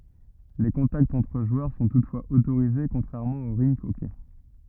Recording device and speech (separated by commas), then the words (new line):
rigid in-ear microphone, read sentence
Les contacts entre joueurs sont toutefois autorisés, contrairement au rink hockey.